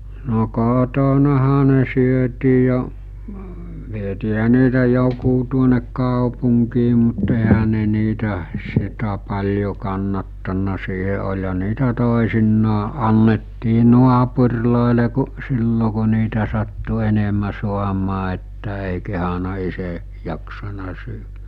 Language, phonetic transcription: Finnish, no 'kòtonaha ne syötii jo , vietiiɦä niitä 'jokuu tuonek 'kàopuŋkii mut eɦä ne niitä , sitä paĺjo kannattanna siihe oĺha 'niitä tòesinnaa '’annettii 'nuapur̜lòele ku , 'sillo ku̬ niitä sattu 'enemä 'suamaa että èi kehana 'ise , jaksana syy(vä - -) .
- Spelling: no kotonahan ne syötiin jo vietiinhän niitä joku tuonne kaupunkiin mutta eihän ne niitä sitä paljon kannattanut siihen olihan niitä toisinaan annettiin naapureille kun silloin kun niitä sattui enemmän saamaan että ei kehdannut itse jaksanut syödä - -

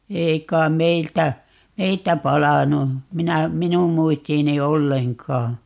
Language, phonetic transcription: Finnish, "ei k̀aim "meiltä , "meiltä 'palanu , 'minä , "minum 'muistiini "olleŋkaa .
- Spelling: ei kai meiltä meiltä palanut minä minun muistiini ollenkaan

